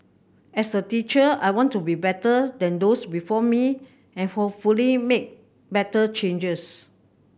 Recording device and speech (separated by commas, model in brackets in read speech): boundary microphone (BM630), read sentence